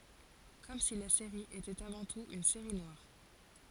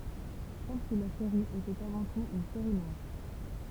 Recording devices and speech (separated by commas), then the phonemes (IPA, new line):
forehead accelerometer, temple vibration pickup, read sentence
kɔm si la seʁi etɛt avɑ̃ tut yn seʁi nwaʁ